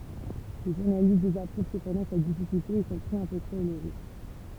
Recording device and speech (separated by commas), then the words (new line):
temple vibration pickup, read sentence
Les journalistes désapprouvent cependant sa difficulté et son prix un peu trop élevé.